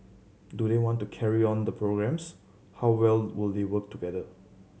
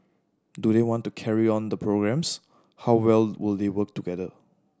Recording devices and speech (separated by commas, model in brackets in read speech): mobile phone (Samsung C7100), standing microphone (AKG C214), read sentence